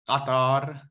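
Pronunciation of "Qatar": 'Qatar' begins with a voiceless uvular stop, the Q sound.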